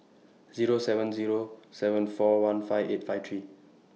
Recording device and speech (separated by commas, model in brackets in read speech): mobile phone (iPhone 6), read sentence